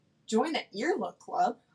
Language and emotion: English, surprised